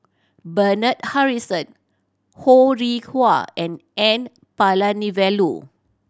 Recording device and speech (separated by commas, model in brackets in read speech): standing microphone (AKG C214), read sentence